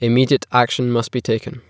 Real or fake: real